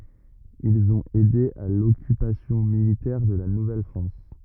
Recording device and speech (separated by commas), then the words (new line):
rigid in-ear microphone, read sentence
Ils ont aidé à l'occupation militaire de la Nouvelle-France.